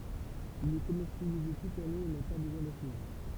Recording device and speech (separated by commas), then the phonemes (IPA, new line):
temple vibration pickup, read sentence
il ɛ kɔmɛʁsjalize tut lane e na pa bəzwɛ̃ dafinaʒ